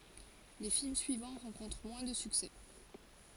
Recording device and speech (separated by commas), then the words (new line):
forehead accelerometer, read sentence
Les films suivants rencontrent moins de succès.